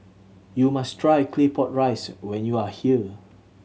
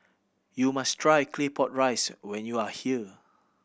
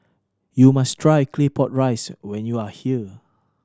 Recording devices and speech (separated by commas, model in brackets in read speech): mobile phone (Samsung C7100), boundary microphone (BM630), standing microphone (AKG C214), read sentence